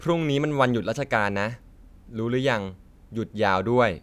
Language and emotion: Thai, neutral